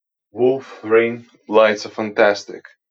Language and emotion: English, happy